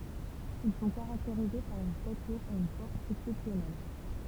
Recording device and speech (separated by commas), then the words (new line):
temple vibration pickup, read sentence
Ils sont caractérisés par une stature et une force exceptionnelle.